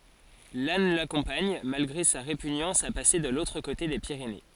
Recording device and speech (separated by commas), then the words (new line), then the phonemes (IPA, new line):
forehead accelerometer, read sentence
Lannes l'accompagne, malgré sa répugnance à passer de l'autre côté des Pyrénées.
lan lakɔ̃paɲ malɡʁe sa ʁepyɲɑ̃s a pase də lotʁ kote de piʁene